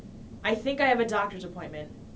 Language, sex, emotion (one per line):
English
female
neutral